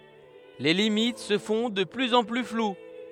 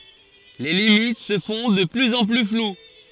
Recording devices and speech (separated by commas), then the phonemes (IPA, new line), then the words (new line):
headset microphone, forehead accelerometer, read sentence
le limit sə fɔ̃ də plyz ɑ̃ ply flw
Les limites se font de plus en plus floues.